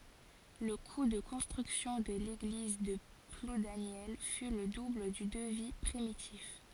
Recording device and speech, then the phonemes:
forehead accelerometer, read sentence
lə ku də kɔ̃stʁyksjɔ̃ də leɡliz də pludanjɛl fy lə dubl dy dəvi pʁimitif

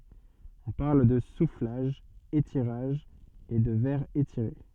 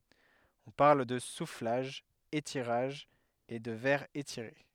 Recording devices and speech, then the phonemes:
soft in-ear microphone, headset microphone, read sentence
ɔ̃ paʁl də suflaʒ etiʁaʒ e də vɛʁ etiʁe

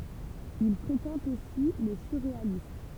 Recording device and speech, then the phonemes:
temple vibration pickup, read sentence
il fʁekɑ̃t osi le syʁʁealist

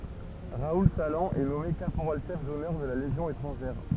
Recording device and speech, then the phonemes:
temple vibration pickup, read sentence
ʁaul salɑ̃ ɛ nɔme kapoʁal ʃɛf dɔnœʁ də la leʒjɔ̃ etʁɑ̃ʒɛʁ

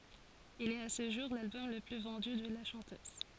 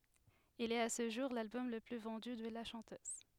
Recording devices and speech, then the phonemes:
forehead accelerometer, headset microphone, read sentence
il ɛt a sə ʒuʁ lalbɔm lə ply vɑ̃dy də la ʃɑ̃tøz

